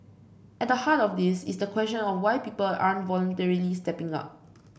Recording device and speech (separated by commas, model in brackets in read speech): boundary microphone (BM630), read sentence